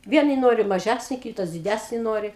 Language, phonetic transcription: Lithuanian, ˈvienai ˈnori maˈžæsni ˈkytas diˈdæsni ˈnori

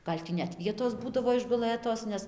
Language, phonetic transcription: Lithuanian, ˈgal' tį net ˈvietos ˈbūdavo išguˈlɘtos ˈnes

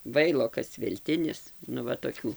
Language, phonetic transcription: Lithuanian, ˈvailokas velˈtinis nu ˈva toˈkių

